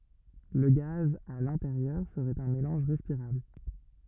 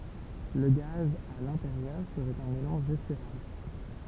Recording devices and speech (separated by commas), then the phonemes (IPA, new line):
rigid in-ear microphone, temple vibration pickup, read sentence
lə ɡaz a lɛ̃teʁjœʁ səʁɛt œ̃ melɑ̃ʒ ʁɛspiʁabl